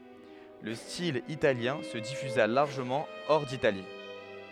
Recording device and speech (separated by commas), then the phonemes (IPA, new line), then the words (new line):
headset microphone, read sentence
lə stil italjɛ̃ sə difyza laʁʒəmɑ̃ ɔʁ ditali
Le style italien se diffusa largement hors d’Italie.